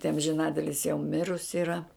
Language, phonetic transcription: Lithuanian, tai amžiˈnatilis jau ˈmirusi yˈra

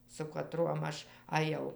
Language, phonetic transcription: Lithuanian, su kaˈtruom ˈaš aˈjau

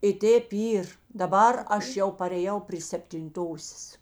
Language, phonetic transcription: Lithuanian, i ˈtėp ˈyr daˈbar ˈaš ˈjau parėˈjau pry septinˈtosės

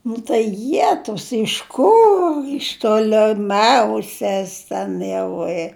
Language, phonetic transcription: Lithuanian, nu tai ˈjetus iš ˈkur iš toleˈmiauses ˈten jau i

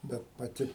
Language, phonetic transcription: Lithuanian, ˈbet paˈti

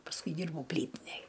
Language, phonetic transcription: Lithuanian, pasˈkui ˈdyrbau ˈplytinej

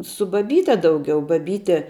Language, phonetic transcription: Lithuanian, su baˈbyte dauˈgiau baˈbyte

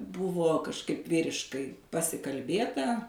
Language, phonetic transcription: Lithuanian, ˈbuvo kažˈkaip ˈvyriškai pasikalˈbėta

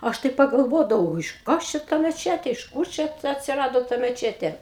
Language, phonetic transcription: Lithuanian, ˈaš tai pagalˈvodavau iš ˈkas čia ta meˈčetė iš ˈkūr čia ta atsiˈrado ta meˈčetė

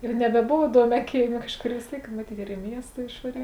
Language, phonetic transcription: Lithuanian, ir nebeˈbova iˈduomiā ˈkėiˌmė ˈkažˌkor vis ˈtėik maˈtyt ir i ˈmiesta išvaˈry

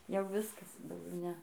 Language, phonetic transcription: Lithuanian, jau ˈviskas dauˈgiau ˈne

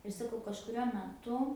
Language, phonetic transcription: Lithuanian, ir saˈkau kažkuˈriuo meˈtu

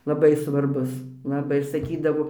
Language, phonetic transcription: Lithuanian, laˈbai svarˈbus laˈbai ir saˈkydavo

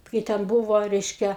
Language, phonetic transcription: Lithuanian, kai ten ˈbuvo ˈreiškia

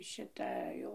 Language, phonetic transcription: Lithuanian, šiˈta ˈjau

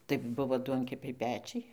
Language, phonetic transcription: Lithuanian, tai ˈbuvo ˈduonkepiai ˈpečiai

